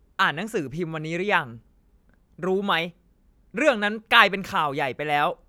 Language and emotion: Thai, angry